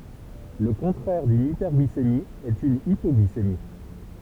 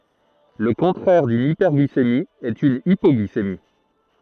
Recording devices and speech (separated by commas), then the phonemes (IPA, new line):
temple vibration pickup, throat microphone, read sentence
lə kɔ̃tʁɛʁ dyn ipɛʁɡlisemi ɛt yn ipɔɡlisemi